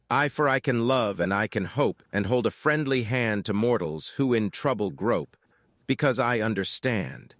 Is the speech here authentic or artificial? artificial